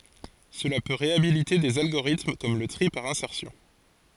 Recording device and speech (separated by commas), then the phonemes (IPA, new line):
forehead accelerometer, read sentence
səla pø ʁeabilite dez alɡoʁitm kɔm lə tʁi paʁ ɛ̃sɛʁsjɔ̃